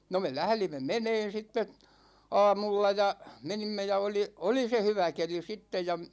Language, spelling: Finnish, no me lähdimme menemään sitten aamulla ja menimme ja oli oli se hyvä keli sitten ja
- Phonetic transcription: no me "lählimme 'meneen̬ sitte , 'a̭a̭mulla ja , 'menimme ja oli , "oli se 'hyvä 'keli 'sittej̆ ja ,.

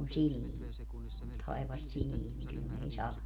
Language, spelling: Finnish, noin sileä taivas sileä niin kyllä ne ei sada
- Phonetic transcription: nòen 'silii , 'tai̮vas 'silii niŋ kyl ne ei 'sala .

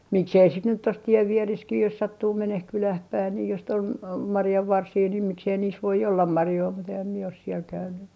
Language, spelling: Finnish, miksi ei sitten nyt tuossa tien vieressä jos sattuu menemään kylään päin niin jos sitten oli marjanvarsia niin miksi ei niissä voi olla marjoja mutta enhän minä ole siellä käynyt
- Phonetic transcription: 'miksei sit nyt tos 'ti₍ev 'viereskih jos 'sattuu "meneh 'kyläh 'päin nii jos sit ‿ol , "marjavvarsii niim 'miksei niis voi ollam "marjoi mut ehäm mie os siel käyn̆ny .

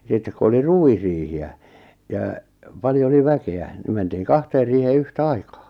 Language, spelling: Finnish, sitten kun oli ruisriihiä ja paljon oli väkeä niin mentiin kahteen riiheen yhtä aikaa
- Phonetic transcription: 'sittek ku 'oli "ruwisriihi₍ä , jaa , 'paljo oli 'väke₍ä , ni mentiiŋ "kahteer riihee "yhtᵃ̈ "aikaa .

